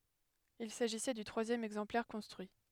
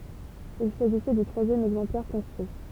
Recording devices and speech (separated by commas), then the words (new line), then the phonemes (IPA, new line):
headset microphone, temple vibration pickup, read sentence
Il s'agissait du troisième exemplaire construit.
il saʒisɛ dy tʁwazjɛm ɛɡzɑ̃plɛʁ kɔ̃stʁyi